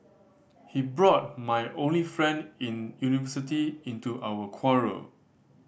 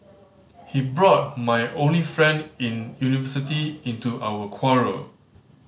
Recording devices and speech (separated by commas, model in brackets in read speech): boundary microphone (BM630), mobile phone (Samsung C5010), read sentence